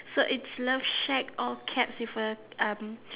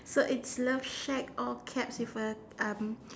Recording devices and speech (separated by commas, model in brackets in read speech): telephone, standing microphone, conversation in separate rooms